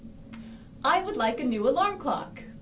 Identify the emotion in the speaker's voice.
happy